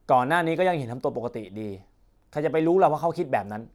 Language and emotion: Thai, frustrated